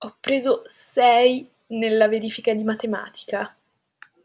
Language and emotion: Italian, disgusted